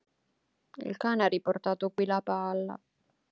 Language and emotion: Italian, sad